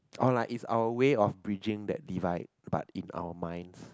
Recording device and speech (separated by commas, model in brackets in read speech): close-talking microphone, conversation in the same room